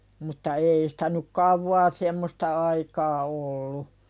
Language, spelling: Finnish, mutta ei sitä nyt kauaa semmoista aikaa ollut
- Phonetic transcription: mutta 'ei sɪtä nu̳k "kauwvaa 'semmosta aikaa òllu .

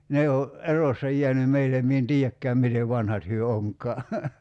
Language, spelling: Finnish, ne on erossa jäänyt meille minä en tiedäkään miten vanhat he onkaan
- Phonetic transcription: 'ne o , '’erossa jiäny 'meilem mie en "tii₍äkkääm 'mitev "vanhat hyö 'oŋk̀aa .

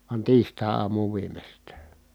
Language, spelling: Finnish, vaan tiistaiaamuun viimeistään
- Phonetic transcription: van tiistài̮₍aamuuv viimestää .

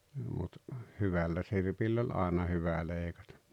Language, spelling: Finnish, mutta hyvällä sirpillä oli aina hyvä leikata
- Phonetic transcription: mut , "hyvalla sirpill ‿oĺ 'àena "hyvä̀ 'lèikatᴀ .

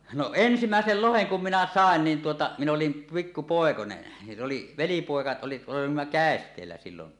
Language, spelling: Finnish, no ensimmäisen lohen kun minä sain niin tuota minä olin pikku poikanen ja se oli velipoika oli olimme käesteellä silloin
- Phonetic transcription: no "ensimä̀esel "loheŋ kum minä "sàen 'niin 'tuota , min ‿olim 'pikku 'pòekone , ja sᵉ oli , "velipòeka 'oli , olimma "kä̀est̀eellä 'sillon .

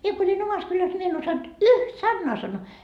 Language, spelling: Finnish, minä kun olin omassa kylässä niin minä en osannut yhtä sanaa sanoa
- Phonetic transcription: 'mie ko oĺin 'omas kyläs ńi mie en osant , "yht 'sannoa sannoo .

